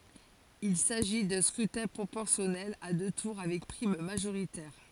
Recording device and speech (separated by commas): forehead accelerometer, read sentence